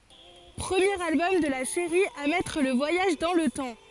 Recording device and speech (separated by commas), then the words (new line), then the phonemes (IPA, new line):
forehead accelerometer, read sentence
Premier album de la série à mettre le voyage dans le temps.
pʁəmjeʁ albɔm də la seʁi a mɛtʁ lə vwajaʒ dɑ̃ lə tɑ̃